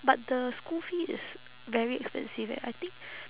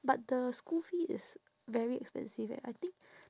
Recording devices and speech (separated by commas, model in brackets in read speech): telephone, standing microphone, conversation in separate rooms